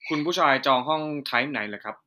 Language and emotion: Thai, neutral